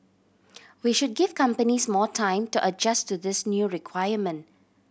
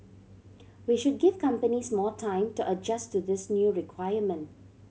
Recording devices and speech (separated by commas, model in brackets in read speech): boundary microphone (BM630), mobile phone (Samsung C7100), read sentence